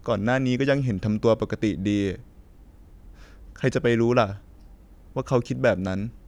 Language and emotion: Thai, frustrated